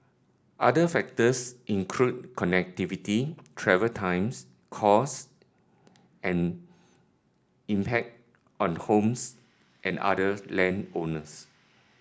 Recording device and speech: standing microphone (AKG C214), read sentence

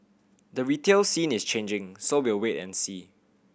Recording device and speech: boundary microphone (BM630), read sentence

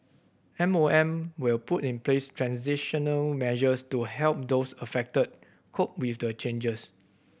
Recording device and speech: boundary microphone (BM630), read sentence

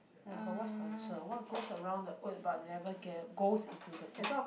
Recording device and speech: boundary microphone, conversation in the same room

